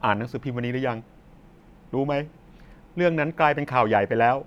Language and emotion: Thai, neutral